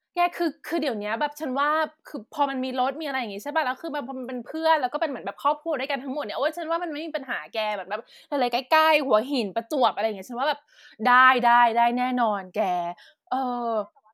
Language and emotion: Thai, happy